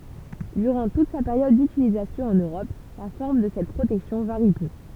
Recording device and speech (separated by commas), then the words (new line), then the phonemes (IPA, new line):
temple vibration pickup, read sentence
Durant toute sa période d'utilisation en Europe, la forme de cette protection varie peu.
dyʁɑ̃ tut sa peʁjɔd dytilizasjɔ̃ ɑ̃n øʁɔp la fɔʁm də sɛt pʁotɛksjɔ̃ vaʁi pø